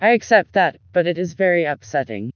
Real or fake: fake